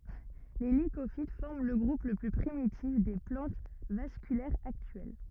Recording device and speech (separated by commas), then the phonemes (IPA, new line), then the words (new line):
rigid in-ear microphone, read sentence
le likofit fɔʁm lə ɡʁup lə ply pʁimitif de plɑ̃t vaskylɛʁz aktyɛl
Les Lycophytes forment le groupe le plus primitif des plantes vasculaires actuelles.